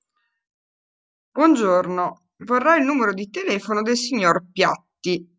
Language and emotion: Italian, neutral